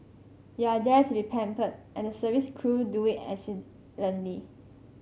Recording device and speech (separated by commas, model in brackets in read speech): mobile phone (Samsung C5), read sentence